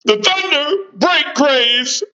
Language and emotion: English, fearful